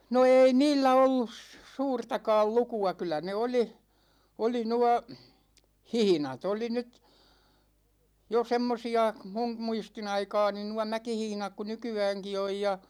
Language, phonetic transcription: Finnish, no "eei 'niillä 'ollus , "suurtakaal 'luku₍a 'kyl̆lä ne oli , oli 'nua , "hihⁱna't ‿oli nyt , jo 'semmosi₍a , 'mum 'muisti'n ‿aikaani nua 'mäkihihⁱnak ku 'nyky₍ääŋki 'oj ja .
- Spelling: no ei niillä ollut suurtakaan lukua kyllä ne oli oli nuo hihnat oli nyt jo semmoisia minun muistin aikaani nuo mäkihihnat kuin nykyäänkin on ja

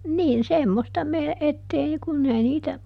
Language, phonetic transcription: Finnish, ˈniin "semmosta me- , ettei ˈkunn ‿ei ˈniitä ,.
- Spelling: niin semmoista - että ei kun ei niitä

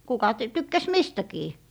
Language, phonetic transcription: Finnish, 'kuka t - 'tykkäs "mistäkii .
- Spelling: kuka - tykkäsi mistäkin

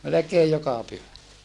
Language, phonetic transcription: Finnish, melekeej joka pyhä .
- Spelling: melkein joka pyhä

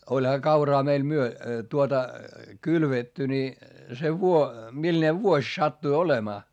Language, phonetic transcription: Finnish, oĺha kauraa meil myö- , tuota , kylvetty ni , se vuo- , milne vuoś sattui olemaa .
- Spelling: olihan kauraa meillä - tuota kylvetty niin se - millainen vuosi sattui olemaan

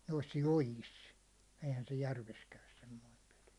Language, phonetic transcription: Finnish, nois "jojis , eihän se "järves käys semmoim peʟɪ .
- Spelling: noissa joissa eihän se järvessä käy semmoinen peli

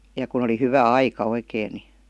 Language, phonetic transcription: Finnish, ja kun̬ ‿oli 'hyvä "aika 'oikèⁱ ni .
- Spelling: ja kun oli hyvä aika oikein niin

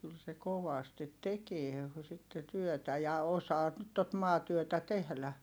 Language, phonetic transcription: Finnish, kyl se kovastit tekie , sitte työtä ja osaa , tot maatyötä tehlä .
- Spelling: kyllä se kovasti tekee sitten työtä ja osaa tuota maatyötä tehdä

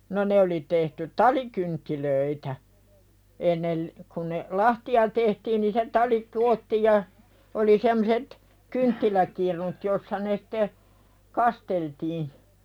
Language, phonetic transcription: Finnish, no 'ne oli tehty "talikynttilöitä , ennel , kun ne , "lahti₍a tehtiin ni se 'tali "(koottiij) ja , oli semmᵒset , "kynttiläkirnut jossa ne sᴵte , "kasteltii .
- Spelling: no ne oli tehty talikynttilöitä ennen kun ne lahtia tehtiin niin se tali koottiin ja oli semmoiset kynttiläkirnut jossa ne sitten kasteltiin

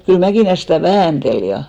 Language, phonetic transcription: Finnish, kyl 'Mäkìlä stä̀ "vääntel ja .
- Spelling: kyllä Mäkilä sitä väänteli ja

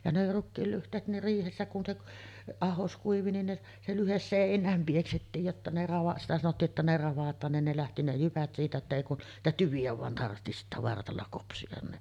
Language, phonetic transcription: Finnish, ja ne 'rukkiil lyht̀eet ne 'riihessä kun se k- , "ahos 'kuivi nin ne , se 'lyhes "sèiǹääm 'pieksettiij jotta ne rava- sitä sanottii ’että ne 'ravat̆taan nin ne 'lähti ne 'jyvät siitä että èi kun , 'niitä "tyvi₍ä vàen tarhti sittä 'vartalla 'kopsiʲan ni .
- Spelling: ja ne rukiin lyhteet ne riihessä kun se - ahdos kuivui niin ne se lyhde seinään pieksettiin jotta ne - sitä sanottiin että ne ravataan niin ne lähti ne jyvät siitä että ei kuin niitä tyviä vain tarvitsi sitten vartalla kopsia niin

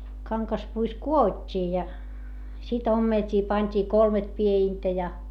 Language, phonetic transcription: Finnish, kaŋkaspuis ku₍ot́t́ii ja , sit ‿ommelt́ii pańt́ii kolmet pie₍intä ja .
- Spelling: kangaspuissa kudottiin ja sitten ommeltiin pantiin kolme piedintä ja

